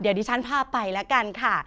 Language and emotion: Thai, happy